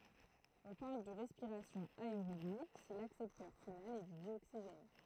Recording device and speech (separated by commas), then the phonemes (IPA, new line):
throat microphone, read sentence
ɔ̃ paʁl də ʁɛspiʁasjɔ̃ aeʁobi si laksɛptœʁ final ɛ dy djoksiʒɛn